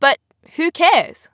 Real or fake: real